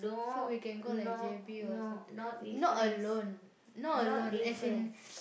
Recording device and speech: boundary microphone, conversation in the same room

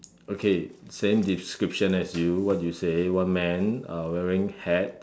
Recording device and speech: standing microphone, conversation in separate rooms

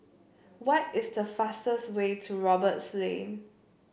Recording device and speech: boundary microphone (BM630), read sentence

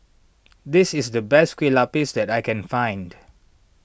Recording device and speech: boundary microphone (BM630), read sentence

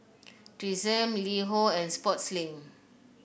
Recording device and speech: boundary microphone (BM630), read sentence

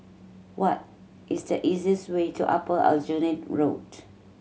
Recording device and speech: mobile phone (Samsung C7100), read sentence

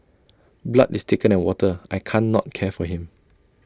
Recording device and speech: standing microphone (AKG C214), read sentence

